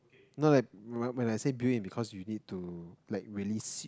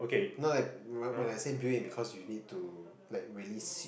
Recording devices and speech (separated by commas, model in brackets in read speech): close-talking microphone, boundary microphone, conversation in the same room